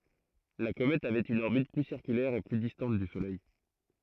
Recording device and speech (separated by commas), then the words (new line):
throat microphone, read sentence
La comète avait une orbite plus circulaire et plus distante du Soleil.